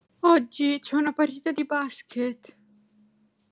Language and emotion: Italian, fearful